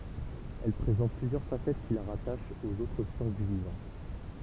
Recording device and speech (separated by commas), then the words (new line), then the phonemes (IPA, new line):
temple vibration pickup, read sentence
Elle présente plusieurs facettes qui la rattachent aux autres sciences du vivant.
ɛl pʁezɑ̃t plyzjœʁ fasɛt ki la ʁataʃt oz otʁ sjɑ̃s dy vivɑ̃